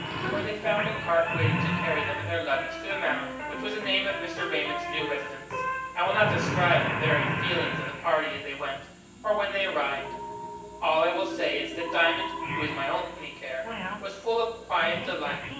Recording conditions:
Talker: one person; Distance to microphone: 9.8 m; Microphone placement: far; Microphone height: 1.8 m; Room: large; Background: television

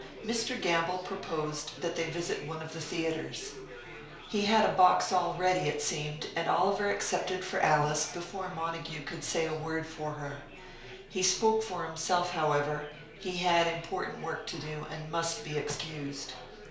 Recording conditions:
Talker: one person; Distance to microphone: 1.0 m; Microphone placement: close; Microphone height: 1.1 m; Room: small (3.7 m by 2.7 m); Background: babble

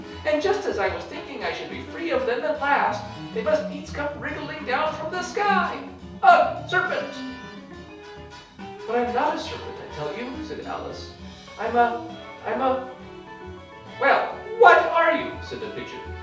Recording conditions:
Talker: one person; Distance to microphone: 3.0 m; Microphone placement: far; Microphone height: 1.8 m; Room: small (3.7 m by 2.7 m); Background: music

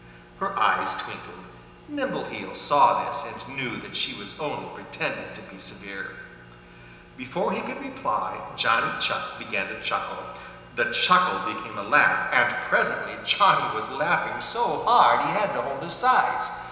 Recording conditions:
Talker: one person; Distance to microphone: 1.7 m; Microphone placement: close; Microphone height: 1.0 m; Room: very reverberant, large; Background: none

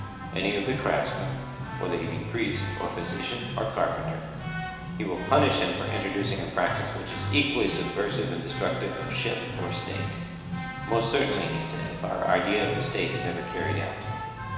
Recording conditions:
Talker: one person; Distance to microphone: 1.7 m; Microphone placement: close; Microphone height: 1.0 m; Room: very reverberant, large; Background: music

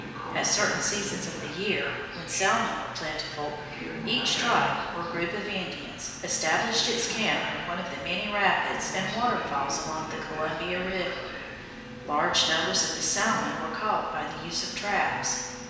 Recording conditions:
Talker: one person; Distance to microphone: 1.7 m; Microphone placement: close; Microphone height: 1.0 m; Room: very reverberant, large; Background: television

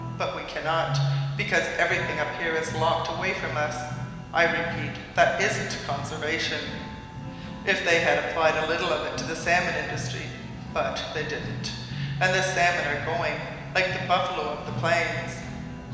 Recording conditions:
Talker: one person; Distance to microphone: 1.7 m; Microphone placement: close; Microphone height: 1.0 m; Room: very reverberant, large; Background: music

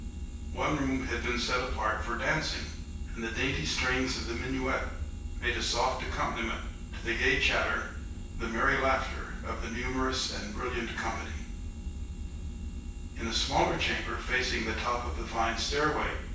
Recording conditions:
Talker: one person; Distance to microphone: 9.8 m; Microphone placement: far; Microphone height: 1.8 m; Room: large; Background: none

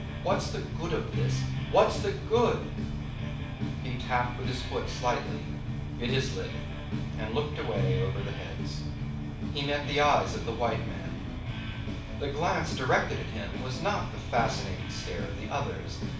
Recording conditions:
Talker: one person; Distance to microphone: 5.8 m; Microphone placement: far; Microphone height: 1.8 m; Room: medium-sized (5.7 m by 4.0 m); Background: music

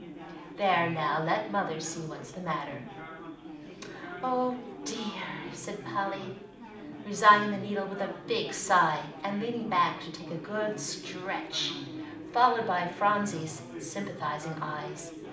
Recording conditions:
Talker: one person; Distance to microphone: 2.0 m; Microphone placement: close; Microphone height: 99 cm; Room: medium-sized (5.7 m by 4.0 m); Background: babble

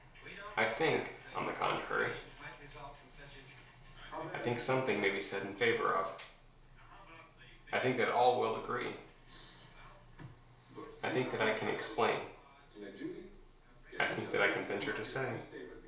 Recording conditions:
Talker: one person; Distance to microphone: 1.0 m; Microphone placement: close; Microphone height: 1.1 m; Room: small (3.7 m by 2.7 m); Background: television

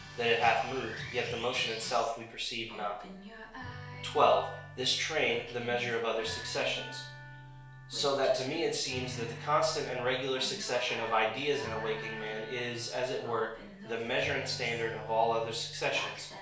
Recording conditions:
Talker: one person; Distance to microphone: 1.0 m; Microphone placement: close; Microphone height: 1.1 m; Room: small (3.7 m by 2.7 m); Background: music

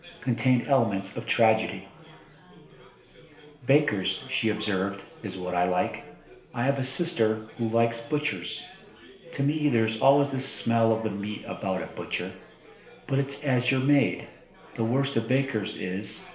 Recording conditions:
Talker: one person; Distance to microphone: 1.0 m; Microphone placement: close; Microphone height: 1.1 m; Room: small (3.7 m by 2.7 m); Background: babble

